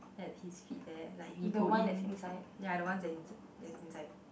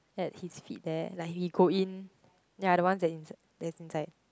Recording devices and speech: boundary microphone, close-talking microphone, conversation in the same room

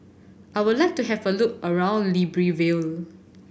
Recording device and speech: boundary microphone (BM630), read sentence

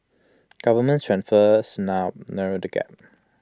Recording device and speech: close-talking microphone (WH20), read sentence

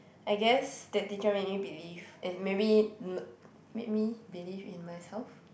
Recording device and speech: boundary microphone, conversation in the same room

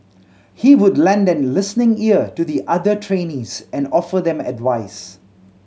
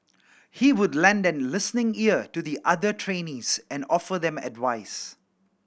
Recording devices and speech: mobile phone (Samsung C7100), boundary microphone (BM630), read sentence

